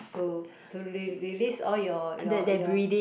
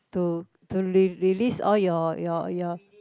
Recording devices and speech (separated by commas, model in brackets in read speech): boundary microphone, close-talking microphone, conversation in the same room